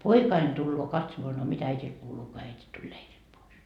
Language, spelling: Finnish, poikani tulee katsomaan no mitä äidille kuuluu kun äiti tuli leiriltä pois
- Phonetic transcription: "poikain tulloo 'katsomoa » no 'mitä 'äitil kuuluu ko 'äiti tuĺ 'leirilt pois ? »

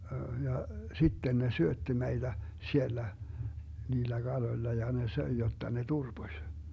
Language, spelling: Finnish, ja sitten ne syötti meitä siellä niillä kaloilla ja ne söi jotta ne turposi
- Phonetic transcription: 'ja , "sitten ne 'syötti 'meiDä , 'siellä , 'niillä "Galoⁱlla ja ne 'söi jotta ne "turBoś .

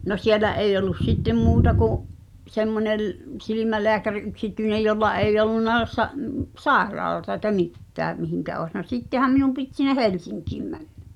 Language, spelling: Finnish, no siellä ei ollut sitten muuta kuin semmoinen silmälääkäri yksityinen jolla ei ollut - - sairaalaa eikä mitään mihin olisi no sittenhän minun piti sinne Helsinkiin mennä
- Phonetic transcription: no 'siellä eij ‿ol̆lus "sittem 'muuta ku’ , 'semmonel , 'silimäleäkär 'yksityinej̆ jolla eij̆'j ‿ol̆lunna sa- , (mp-) "sàeraalata ekä "mittää , mihiŋkä oes no 'sittehäm minum pit sin̆ne "Helsiŋkìm 'mänɴᴀ̈ .

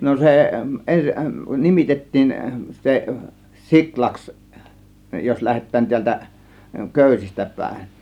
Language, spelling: Finnish, no se - nimitettiin se siulaksi jos lähdetään täältä köysistä päin
- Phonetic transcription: no 'se , 'en- , "nimitet̀tiin se , "siklaks , jos 'lähet̆tään 'tiältä , "kö̀ysistä 'pä̀ėn .

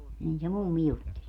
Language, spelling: Finnish, niin se mummi jutteli
- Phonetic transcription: 'nin se 'mummi 'jutteĺ .

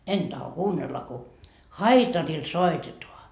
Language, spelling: Finnish, en tahdo kuunnella kun haitarilla soitetaan
- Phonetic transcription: "en taho "kuunnella ku , "haitaril "soitetoa .

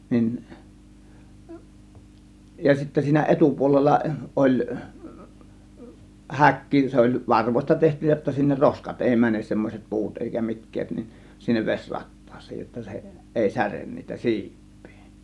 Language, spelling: Finnish, niin ja sitten siinä etupuolella oli häkki se oli varvoista tehty jotta sinne roskat ei mene semmoiset puut eikä mitkään niin sinne vesi rattaaseen jotta se ei särje niitä siipiä
- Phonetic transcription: 'nin , ja sittä siinä 'ˀetupuolella 'oĺ , "häkki , 'se oĺ "varvośta 'tehty jotta sinner "roskat 'èi "mänes semmos͕et "pu̬ut eikä 'mitkää(t) ni , sinnev 'ves͕ "rattaas̆sEJ jotta se , 'ˀèi "sären niitä "siip̆pII .

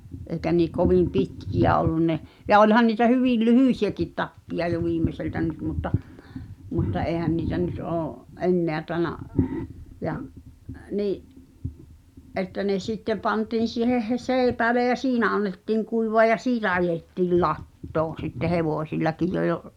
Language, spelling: Finnish, eikä niin kovin pitkiä ollut ne ja olihan niitä hyvin lyhyitäkin tappeja jo viimeiseltä nyt mutta mutta eihän niitä nyt ole enää tainnut ja niin että ne sitten pantiin siihen heinäseipäälle ja siinä annettiin kuivaa ja siitä ajettiin latoon sitten hevosillakin jo ja
- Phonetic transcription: ’èi̬kä nii 'kovim̆ "pitkiʲä ollun ne , ja 'oĺhan niitä "hyvìl "lyhỳsi₍äkit 'tappiʲa jo 'viimmeseltä 'nyt mutta , mutta '’eeⁱhän niitä nyt 'oo’ , "’enneä taĕna , ja’ , nii’ , '’että ne 'sitteᵐ pantiin̬ siiheʰ he"seeⁱpääle ja "siinä 'annettiiŋ 'kuivoa ja "siitä ajettiil "lattoon̬ sitte 'hevòsillakij jo ʲᵒ ,.

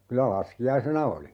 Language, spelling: Finnish, kyllä laskiaisena oli
- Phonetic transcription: 'kylä "laski₍aisena 'oli .

